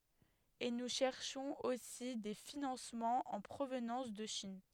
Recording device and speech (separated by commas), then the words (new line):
headset microphone, read sentence
Et nous cherchons aussi des financements en provenance de Chine.